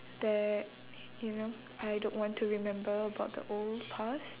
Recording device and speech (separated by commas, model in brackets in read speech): telephone, conversation in separate rooms